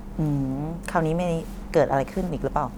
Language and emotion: Thai, neutral